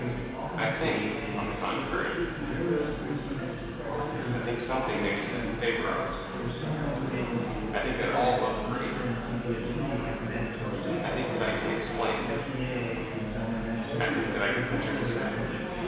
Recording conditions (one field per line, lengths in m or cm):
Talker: one person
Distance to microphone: 1.7 m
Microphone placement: close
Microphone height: 1.0 m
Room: very reverberant, large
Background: babble